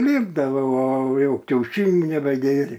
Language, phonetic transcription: Lithuanian, ˈlipdavau o ˈjau kiauˈšinių nebeˈgėrė

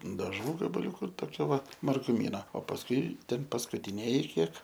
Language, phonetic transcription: Lithuanian, daˈžų gabaˈliūku toˈkia va marguˈmyna o pasˈkui ˈten paskutiˈnėji ˈkiek

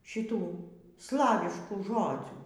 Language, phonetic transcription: Lithuanian, šiˈtų ˈslaviškų ˈžodzių

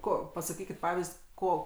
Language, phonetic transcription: Lithuanian, ˈko pasaˈkykit ˈpavizd' ˈko

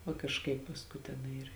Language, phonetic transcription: Lithuanian, va kažˈkaip pasˈkui teˈnai ir

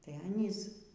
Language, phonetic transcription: Lithuanian, tai ˈanys

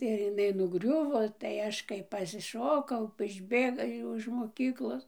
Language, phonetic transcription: Lithuanian, ir iˈnai nuˈgriuvo tai ˈaš kai pasiˈšokau išˈbėga ˈjau iž moˈkyklos

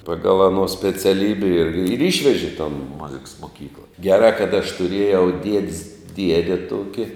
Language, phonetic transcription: Lithuanian, ˈpagal aˈno speciaˈlybe ir ir ˈišveži ton ˈmuziks moˈkykla geˈrā kad aš tuˈriejau ˈdiedis ˈdiede ˈtuoki

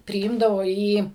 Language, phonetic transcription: Lithuanian, priˈymdavo į

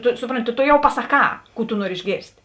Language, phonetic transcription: Lithuanian, ˈtu ˈsupronˌti tu tu ˈjau pasaˈkā ˈkų tu ˈnuori išˈgėrst'

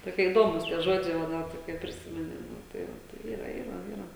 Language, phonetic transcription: Lithuanian, toˈkie įˈdomūs tie ˈžodžiai va ˈnet kai priˈsimeni ˈnu tai ˈva ˈtai ˈyra ˈyra ˈyra

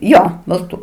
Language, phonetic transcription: Lithuanian, ˈjo balˈtų

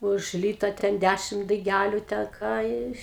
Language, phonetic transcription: Lithuanian, už ˈlyta ten ˈdæšim daiˈgæliu ten ˈką iš

